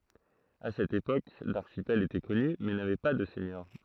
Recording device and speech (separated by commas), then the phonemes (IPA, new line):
throat microphone, read sentence
a sɛt epok laʁʃipɛl etɛ kɔny mɛ navɛ pa də sɛɲœʁ